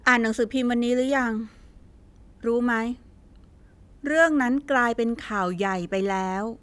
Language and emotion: Thai, frustrated